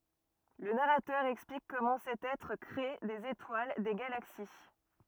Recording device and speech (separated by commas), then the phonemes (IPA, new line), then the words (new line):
rigid in-ear microphone, read sentence
lə naʁatœʁ ɛksplik kɔmɑ̃ sɛt ɛtʁ kʁe dez etwal de ɡalaksi
Le narrateur explique comment cet Être crée des étoiles, des galaxies.